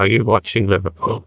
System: TTS, neural waveform model